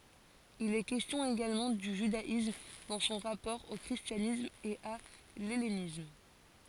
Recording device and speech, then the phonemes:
forehead accelerometer, read sentence
il ɛ kɛstjɔ̃ eɡalmɑ̃ dy ʒydaism dɑ̃ sɔ̃ ʁapɔʁ o kʁistjanism e a lɛlenism

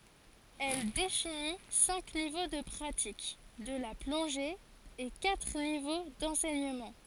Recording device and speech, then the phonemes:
forehead accelerometer, read sentence
ɛl defini sɛ̃k nivo də pʁatik də la plɔ̃ʒe e katʁ nivo dɑ̃sɛɲəmɑ̃

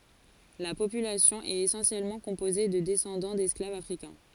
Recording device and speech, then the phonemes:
forehead accelerometer, read sentence
la popylasjɔ̃ ɛt esɑ̃sjɛlmɑ̃ kɔ̃poze də dɛsɑ̃dɑ̃ dɛsklavz afʁikɛ̃

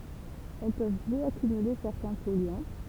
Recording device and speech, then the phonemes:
temple vibration pickup, read sentence
ɛl pøv bjɔakymyle sɛʁtɛ̃ pɔlyɑ̃

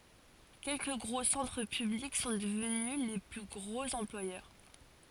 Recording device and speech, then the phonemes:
forehead accelerometer, read sentence
kɛlkə ɡʁo sɑ̃tʁ pyblik sɔ̃ dəvny le ply ɡʁoz ɑ̃plwajœʁ

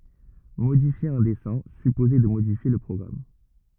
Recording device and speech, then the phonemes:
rigid in-ear microphone, read sentence
modifje œ̃ dɛsɛ̃ sypozɛ də modifje lə pʁɔɡʁam

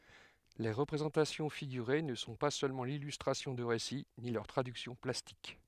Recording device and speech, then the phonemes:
headset microphone, read sentence
le ʁəpʁezɑ̃tasjɔ̃ fiɡyʁe nə sɔ̃ pa sølmɑ̃ lilystʁasjɔ̃ də ʁesi ni lœʁ tʁadyksjɔ̃ plastik

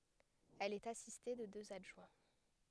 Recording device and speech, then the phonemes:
headset microphone, read sentence
ɛl ɛt asiste də døz adʒwɛ̃

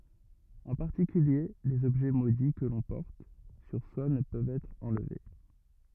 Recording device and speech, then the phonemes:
rigid in-ear microphone, read sentence
ɑ̃ paʁtikylje lez ɔbʒɛ modi kə lɔ̃ pɔʁt syʁ swa nə pøvt ɛtʁ ɑ̃lve

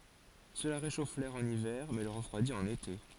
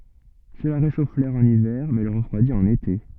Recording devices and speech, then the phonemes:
forehead accelerometer, soft in-ear microphone, read sentence
səla ʁeʃof lɛʁ ɑ̃n ivɛʁ mɛ lə ʁəfʁwadi ɑ̃n ete

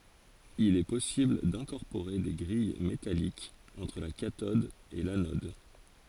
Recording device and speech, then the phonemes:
forehead accelerometer, read sentence
il ɛ pɔsibl dɛ̃kɔʁpoʁe de ɡʁij metalikz ɑ̃tʁ la katɔd e lanɔd

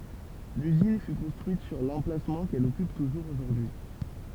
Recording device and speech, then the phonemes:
temple vibration pickup, read sentence
lyzin fy kɔ̃stʁyit syʁ lɑ̃plasmɑ̃ kɛl ɔkyp tuʒuʁz oʒuʁdyi

